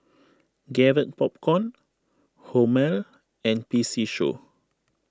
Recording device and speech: close-talking microphone (WH20), read sentence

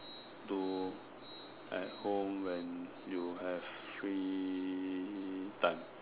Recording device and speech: telephone, conversation in separate rooms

